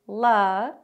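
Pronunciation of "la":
The syllable 'la', from 'Colorado', has its vowel reduced to a schwa.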